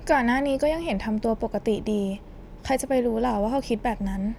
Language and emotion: Thai, neutral